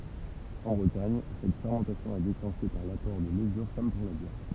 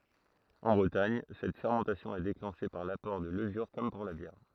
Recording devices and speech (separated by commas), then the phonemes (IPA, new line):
temple vibration pickup, throat microphone, read sentence
ɑ̃ bʁətaɲ sɛt fɛʁmɑ̃tasjɔ̃ ɛ deklɑ̃ʃe paʁ lapɔʁ də ləvyʁ kɔm puʁ la bjɛʁ